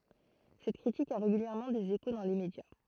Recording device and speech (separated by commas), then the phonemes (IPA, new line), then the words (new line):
throat microphone, read sentence
sɛt kʁitik a ʁeɡyljɛʁmɑ̃ dez eko dɑ̃ le medja
Cette critique a régulièrement des échos dans les médias.